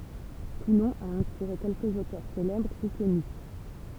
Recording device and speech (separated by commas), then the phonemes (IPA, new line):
temple vibration pickup, read sentence
tulɔ̃ a ɛ̃spiʁe kɛlkəz otœʁ selɛbʁ u kɔny